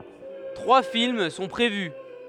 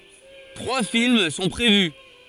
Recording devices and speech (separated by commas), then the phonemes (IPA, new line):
headset microphone, forehead accelerometer, read sentence
tʁwa film sɔ̃ pʁevy